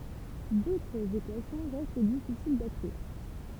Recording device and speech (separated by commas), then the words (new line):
temple vibration pickup, read sentence
D'autres équations restent difficiles d'accès.